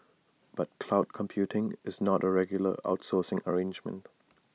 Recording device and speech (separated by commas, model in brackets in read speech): mobile phone (iPhone 6), read sentence